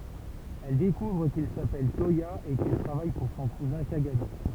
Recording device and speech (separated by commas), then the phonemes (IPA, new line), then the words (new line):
temple vibration pickup, read sentence
ɛl dekuvʁ kil sapɛl twaja e kil tʁavaj puʁ sɔ̃ kuzɛ̃ kaɡami
Elle découvre qu'il s'appelle Toya et qu'il travaille pour son cousin Kagami.